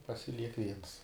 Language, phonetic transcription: Lithuanian, pasiˈliek ˈviens

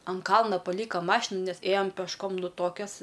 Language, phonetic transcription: Lithuanian, an ˈkalna paˈlyka ˈmašina ˈnes ˈėjam pešˈkom ˈnu ˈtokias

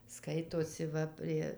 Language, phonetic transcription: Lithuanian, ˈskaitosi ˈva prie

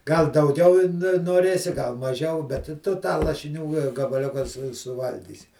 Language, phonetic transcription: Lithuanian, ˈgal dauˈgiau i ˈnu noˈrėsi gal maˈžiau bet tu tą lašiˈnių gabaˈliuką su suˈvalgysi

